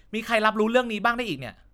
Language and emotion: Thai, frustrated